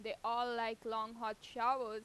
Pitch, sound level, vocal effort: 225 Hz, 92 dB SPL, loud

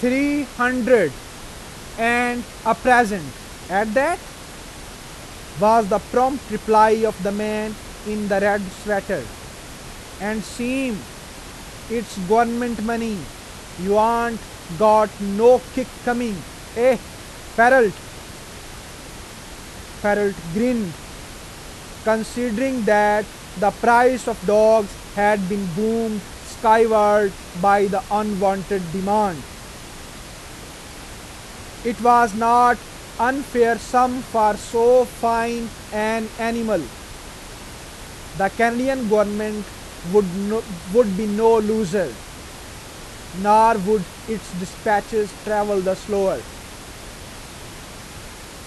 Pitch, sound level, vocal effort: 215 Hz, 94 dB SPL, loud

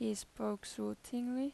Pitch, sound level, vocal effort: 215 Hz, 83 dB SPL, normal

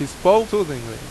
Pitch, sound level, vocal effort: 140 Hz, 90 dB SPL, very loud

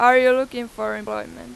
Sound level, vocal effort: 99 dB SPL, very loud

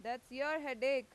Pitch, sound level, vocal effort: 265 Hz, 98 dB SPL, very loud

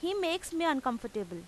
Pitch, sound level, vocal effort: 300 Hz, 89 dB SPL, very loud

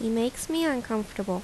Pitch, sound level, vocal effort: 230 Hz, 78 dB SPL, normal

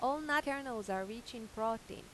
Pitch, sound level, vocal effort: 230 Hz, 90 dB SPL, loud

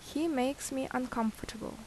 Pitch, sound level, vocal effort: 260 Hz, 76 dB SPL, normal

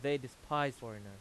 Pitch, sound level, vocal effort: 130 Hz, 93 dB SPL, very loud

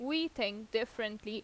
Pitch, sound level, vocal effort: 220 Hz, 85 dB SPL, loud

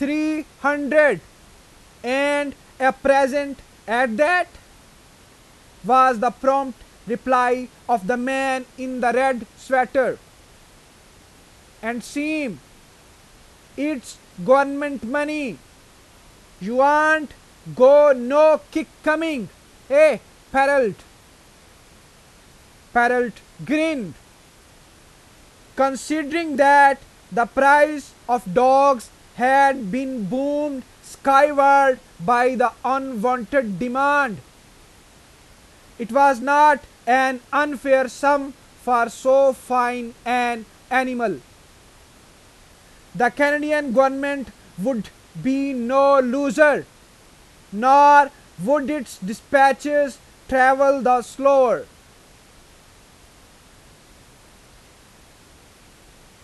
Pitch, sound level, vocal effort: 265 Hz, 97 dB SPL, very loud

